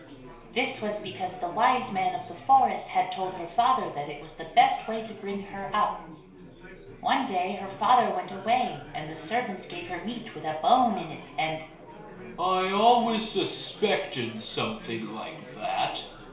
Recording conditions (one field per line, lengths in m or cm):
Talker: one person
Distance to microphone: 1.0 m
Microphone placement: close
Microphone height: 1.1 m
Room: small (3.7 m by 2.7 m)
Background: babble